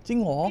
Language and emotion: Thai, neutral